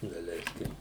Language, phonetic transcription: Lithuanian, daˈleiskim

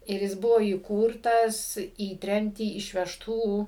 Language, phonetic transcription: Lithuanian, ir ˈjis ˈbuvo įˈkūrtas į ˈtremtį išvežˈtų

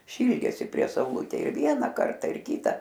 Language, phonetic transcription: Lithuanian, ˈšyldėsi prie sauˈlutėj ir ˈviena ˈkarta ir ˈkyta

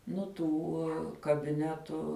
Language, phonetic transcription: Lithuanian, ˈnu ˈtų kabiˈnetu

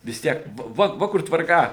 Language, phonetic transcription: Lithuanian, vis ˈtiek ˈva va ˈva kur tvarˈka

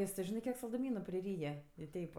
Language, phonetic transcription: Lithuanian, ˈjis ti ˈžinɜ ˈkiek salduˈmynu priˈryja i ˈteip

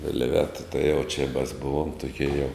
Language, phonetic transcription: Lithuanian, vilˈveta tai jau či mas ˈbuvom tuˈkie jau

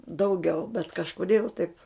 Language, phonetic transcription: Lithuanian, dauˈgiau bet kažkoˈdėl taip

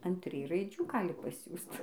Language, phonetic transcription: Lithuanian, an ˈtrij raiˈdžių ˈgali paˈsiųst

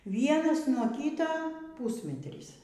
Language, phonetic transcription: Lithuanian, ˈvienas nuo ˈkyta ˈpūsmetrys

